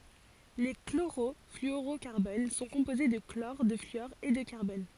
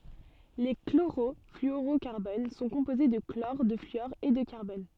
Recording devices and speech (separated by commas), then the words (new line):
forehead accelerometer, soft in-ear microphone, read sentence
Les chlorofluorocarbones sont composés de chlore, de fluor et de carbone.